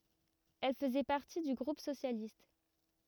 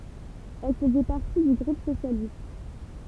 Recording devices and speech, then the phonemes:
rigid in-ear microphone, temple vibration pickup, read sentence
ɛl fəzɛ paʁti dy ɡʁup sosjalist

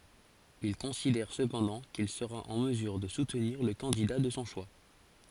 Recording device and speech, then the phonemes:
forehead accelerometer, read sentence
il kɔ̃sidɛʁ səpɑ̃dɑ̃ kil səʁa ɑ̃ məzyʁ də sutniʁ lə kɑ̃dida də sɔ̃ ʃwa

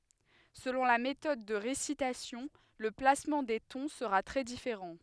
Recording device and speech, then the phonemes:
headset microphone, read sentence
səlɔ̃ la metɔd də ʁesitasjɔ̃ lə plasmɑ̃ de tɔ̃ səʁa tʁɛ difeʁɑ̃

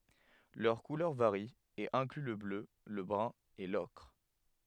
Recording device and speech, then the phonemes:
headset microphone, read sentence
lœʁ kulœʁ vaʁi e ɛ̃kly lə blø lə bʁœ̃ e lɔkʁ

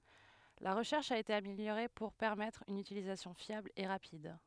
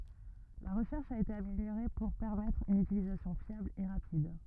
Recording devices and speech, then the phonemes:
headset microphone, rigid in-ear microphone, read sentence
la ʁəʃɛʁʃ a ete ameljoʁe puʁ pɛʁmɛtʁ yn ytilizasjɔ̃ fjabl e ʁapid

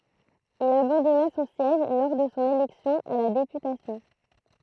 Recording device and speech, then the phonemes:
throat microphone, read sentence
il abɑ̃dɔna sɔ̃ sjɛʒ lɔʁ də sɔ̃ elɛksjɔ̃ a la depytasjɔ̃

